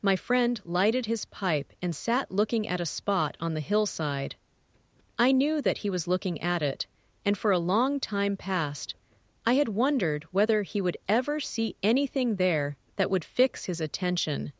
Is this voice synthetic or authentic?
synthetic